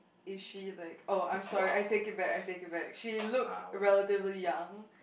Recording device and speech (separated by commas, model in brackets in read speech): boundary microphone, conversation in the same room